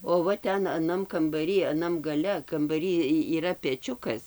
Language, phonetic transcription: Lithuanian, o ˈva ˈten aˈnam kambaˈry aˈnam gaˈle kambaˈry ˈy yˈra peˈčiukas

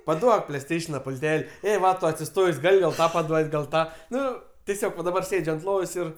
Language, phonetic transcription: Lithuanian, paˈduok pleiˈsteišena pulˈtel' ˈė ˈva ˈtu atsiˈstojs' ˈgal' gal ˈtą paˈduot' gal ˈtą ˈnu tiˈsiog va daˈbar ˈsėdž' ant ˈlovos ir

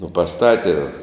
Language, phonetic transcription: Lithuanian, nu paˈstati

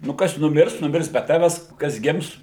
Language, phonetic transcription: Lithuanian, nu ˈkas nuˈmirs nuˈmirs be ˈtaves kas ˈgims

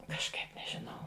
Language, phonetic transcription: Lithuanian, kažˈkaip neˈžinau

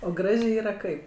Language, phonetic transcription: Lithuanian, o ˈgražė ˈyra ˈkaip

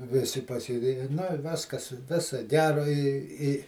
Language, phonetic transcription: Lithuanian, ˈvisi pasėˈdėja nu i ˈviskas ˈviso ˈgero i i

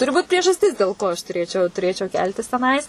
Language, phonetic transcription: Lithuanian, ˈturi ˈbūt priežasˈtis dėl ˈko aš tuˈrėčiau tuˈrėčiau ˈkeltis teˈnais

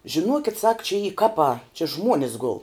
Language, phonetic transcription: Lithuanian, žiˈnuokit sak čia y ˈkapā či ˈžmuonis gul

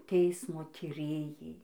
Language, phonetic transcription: Lithuanian, ˈteismo tyˈrėjai

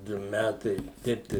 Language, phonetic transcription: Lithuanian, ˈdu ˈmætai ˈteip tai

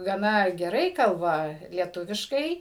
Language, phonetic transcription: Lithuanian, gaˈna geˈrai ˈkalba lieˈtuviškai

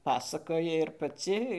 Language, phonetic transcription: Lithuanian, ˈpasakoji ir paˈci

